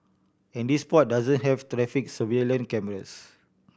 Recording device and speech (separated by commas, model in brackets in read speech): boundary microphone (BM630), read sentence